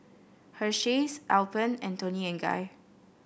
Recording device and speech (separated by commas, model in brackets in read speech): boundary microphone (BM630), read sentence